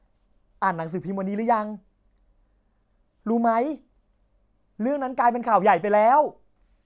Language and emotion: Thai, happy